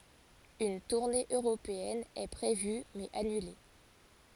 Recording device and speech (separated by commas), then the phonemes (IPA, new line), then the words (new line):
forehead accelerometer, read sentence
yn tuʁne øʁopeɛn ɛ pʁevy mɛz anyle
Une tournée européenne est prévue mais annulée.